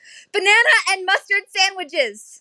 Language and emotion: English, fearful